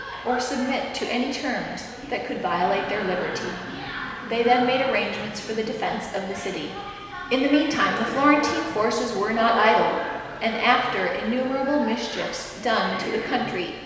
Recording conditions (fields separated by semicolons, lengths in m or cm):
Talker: one person; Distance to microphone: 1.7 m; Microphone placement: close; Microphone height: 1.0 m; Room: very reverberant, large; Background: television